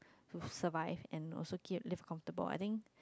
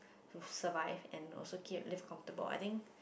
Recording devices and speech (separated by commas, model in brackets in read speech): close-talking microphone, boundary microphone, conversation in the same room